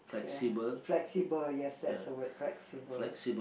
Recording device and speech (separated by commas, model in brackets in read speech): boundary microphone, conversation in the same room